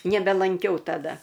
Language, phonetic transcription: Lithuanian, nebelanˈkiau taˈda

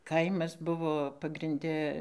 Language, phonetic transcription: Lithuanian, ˈkaimas ˈbuvo pagrinˈde

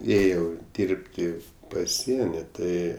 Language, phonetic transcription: Lithuanian, ˈėjau ˈdyrbti paˈsieni ˈtai

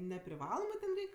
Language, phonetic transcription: Lithuanian, nepriˈvalomɜ ten ˈreik'

